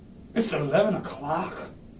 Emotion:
disgusted